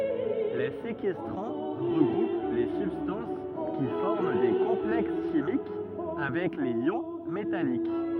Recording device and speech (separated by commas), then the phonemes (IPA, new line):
rigid in-ear microphone, read sentence
le sekɛstʁɑ̃ ʁəɡʁup le sybstɑ̃s ki fɔʁm de kɔ̃plɛks ʃimik avɛk lez jɔ̃ metalik